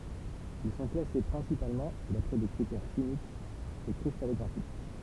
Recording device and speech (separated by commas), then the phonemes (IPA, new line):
temple vibration pickup, read sentence
il sɔ̃ klase pʁɛ̃sipalmɑ̃ dapʁɛ de kʁitɛʁ ʃimikz e kʁistalɔɡʁafik